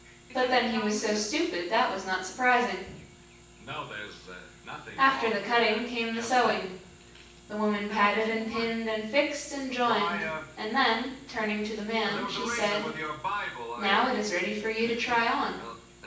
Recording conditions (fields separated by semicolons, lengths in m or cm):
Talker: one person; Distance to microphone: 9.8 m; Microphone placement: far; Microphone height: 1.8 m; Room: large; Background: television